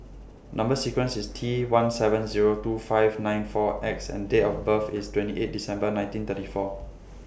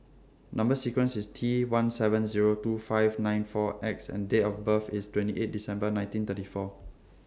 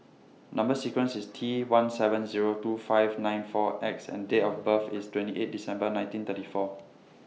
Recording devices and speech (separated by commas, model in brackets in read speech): boundary microphone (BM630), standing microphone (AKG C214), mobile phone (iPhone 6), read sentence